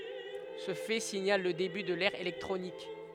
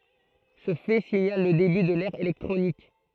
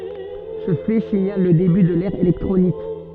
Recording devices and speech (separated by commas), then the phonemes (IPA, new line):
headset microphone, throat microphone, soft in-ear microphone, read sentence
sə fɛ siɲal lə deby də lɛʁ elɛktʁonik